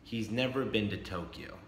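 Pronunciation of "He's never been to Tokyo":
'He's never been to Tokyo' is said as a plain statement of fact: the voice starts high and falls.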